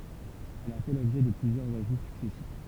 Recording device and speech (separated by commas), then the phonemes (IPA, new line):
temple vibration pickup, read sentence
ɛl a fɛ lɔbʒɛ də plyzjœʁz aʒu syksɛsif